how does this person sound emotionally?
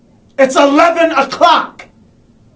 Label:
angry